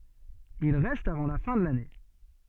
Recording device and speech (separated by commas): soft in-ear microphone, read sentence